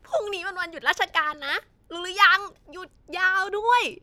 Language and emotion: Thai, happy